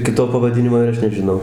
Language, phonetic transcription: Lithuanian, ˈkito pavaˈdinimo ir ˈaš nežiˈnau

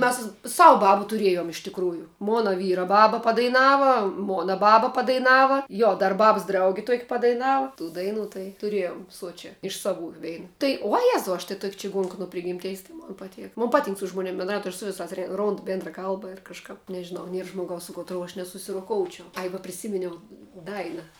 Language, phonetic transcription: Lithuanian, mes ˈsavu ˈbabu tuˈriejom iš tikˈrųju ˈmona ˈvyra ˈbaba padaiˈnava ˈmona ˈbaba padaiˈnava ˈjo dar ˈbabs ˈdraugi ˈtuok' padaiˈnava tų ˈdainų tai tuˈrėjom ˈsuočia ˈiš iš saˈvų ˈvein ˈtai uo ˈjezau ˈaš tai ˈtuok' čiˈguonk nu ˈprigimteis tai ˈmon paˈtėk ˈmon ˈpaˌtink su ˈžmoˌnėm bendˈraut' ˈaš su ˈvisās ˈrondu ˈbėndra ˈkalba ir kažˈkap nežiˈnau ˈnier žmoˈgaus su kotˈrou aš nesusiroˈkoučiau ˈai va priˈsiminiau ˈdaina

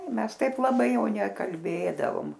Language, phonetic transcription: Lithuanian, ˈmes ˈtaip laˈbai ˈjau nekalˈbėdavom

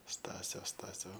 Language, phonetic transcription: Lithuanian, ˈstasio ˈstasio

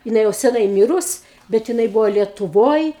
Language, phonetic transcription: Lithuanian, jiˈnai jau seˈnai ˈmyrus bet jiˈnai ˈbūvo lietuˈvoj

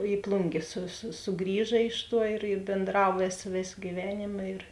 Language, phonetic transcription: Lithuanian, i ˈplungė su su suˈgrįža ˈiš ˌtuo ir i bėnˈdrav ˈvėsa ˈvėsa gyˈvenėma ir

